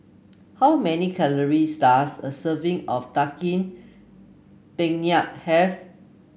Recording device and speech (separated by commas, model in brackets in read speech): boundary microphone (BM630), read sentence